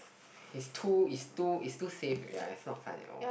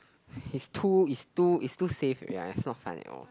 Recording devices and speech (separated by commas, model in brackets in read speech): boundary microphone, close-talking microphone, conversation in the same room